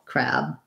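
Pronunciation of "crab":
'Crab' has the same vowel as in 'black' and 'cat', and the final B is pretty much unreleased.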